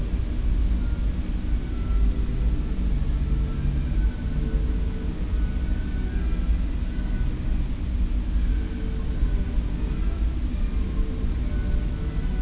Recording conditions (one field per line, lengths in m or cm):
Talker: no one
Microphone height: 2.5 m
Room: large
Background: music